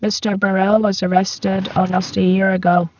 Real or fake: fake